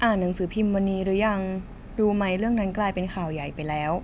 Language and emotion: Thai, neutral